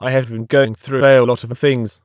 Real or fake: fake